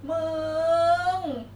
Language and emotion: Thai, happy